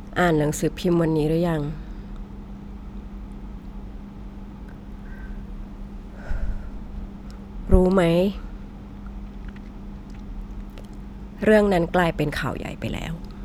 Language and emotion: Thai, frustrated